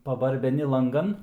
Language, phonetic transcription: Lithuanian, pabarbeˈni lanˈgan

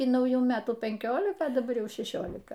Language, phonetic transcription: Lithuanian, y nauˈjų ˈmetų penˈkiolika daˈbar ˈjau šeˈšiolika

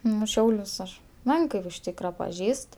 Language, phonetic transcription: Lithuanian, ˈnu ˈšiaulius aš ˈmenkɜ ir už ˈtykra paˈžįst

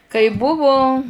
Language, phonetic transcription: Lithuanian, kai ˈbuvu

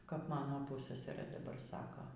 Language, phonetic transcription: Lithuanian, kap ˈmano ˈpussasarɘ ˈdabar ˈsako

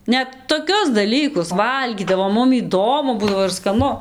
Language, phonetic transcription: Lithuanian, ˈnet toˈkius daˈlykus ˈvalgydavom ˈmum įˈdomu ˈbūdavo ir skaˈnu

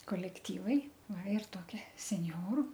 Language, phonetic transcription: Lithuanian, kolekˈtyvai ˈva ir ˈtokia senˈjoru

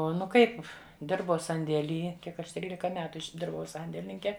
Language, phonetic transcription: Lithuanian, ˈo nu ˈkaip ˈdirbau sandėˈly ˈkiek ˈaš ˈtrylika ˈmetu išˈdirbau ˈsandėlininke

